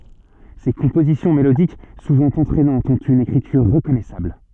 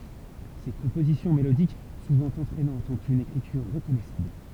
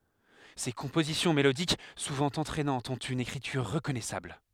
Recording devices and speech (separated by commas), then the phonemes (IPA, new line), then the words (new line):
soft in-ear microphone, temple vibration pickup, headset microphone, read sentence
se kɔ̃pozisjɔ̃ melodik suvɑ̃ ɑ̃tʁɛnɑ̃tz ɔ̃t yn ekʁityʁ ʁəkɔnɛsabl
Ses compositions mélodiques, souvent entraînantes, ont une écriture reconnaissable.